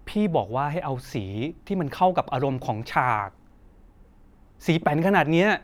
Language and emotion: Thai, angry